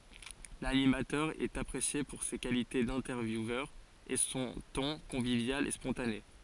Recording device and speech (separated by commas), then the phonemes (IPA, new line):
forehead accelerometer, read sentence
lanimatœʁ ɛt apʁesje puʁ se kalite dɛ̃tɛʁvjuvœʁ e sɔ̃ tɔ̃ kɔ̃vivjal e spɔ̃tane